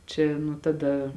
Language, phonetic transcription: Lithuanian, ˈčia nu taˈda

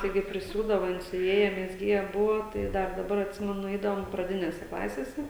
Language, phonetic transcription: Lithuanian, taiˈgi priˈsiūdava ˈjin siuˈvieja mezˈgieja ˈbuvo ˈtai ˈdar daˈbar atˈsimenu ˈeidavom praˈdinėse ˈklasėse

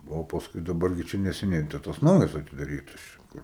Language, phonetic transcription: Lithuanian, o pasˈkui daˈbar gi ˈčia neseˈniai tai ˈtas ˈnaujas atidaˈrytas ˈčia ˈkur

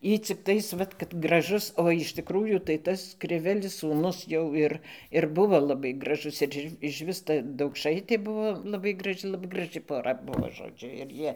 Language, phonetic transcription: Lithuanian, ˈy cikˈtais ˈvat kad graˈžus o iš tiˈkrųjų tai ˈtas kriˈvelis sūˈnus jau ˈir ir buˈvo laˈbai graˈžus ir ˈi išˈvis ˈta daukˈšaitė ˈbuvo laˈbai graˈži laˈbai graˈžɨ poˈra ˈbuvo žoˈdžiu ir ˈjie

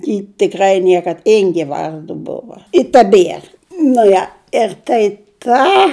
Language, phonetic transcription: Lithuanian, ji tiˈkrai ˈniekad ˈingė ˈvardu ˈbuva i taˈbier nu ˈja ir tai ˈką

